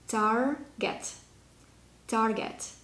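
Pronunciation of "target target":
'Target' is said twice in the American pronunciation, with the r sounded.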